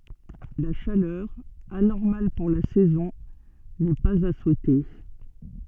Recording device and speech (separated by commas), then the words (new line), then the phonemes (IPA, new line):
soft in-ear microphone, read sentence
La chaleur, anormale pour la saison, n'est pas à souhaiter.
la ʃalœʁ anɔʁmal puʁ la sɛzɔ̃ nɛ paz a suɛte